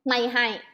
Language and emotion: Thai, angry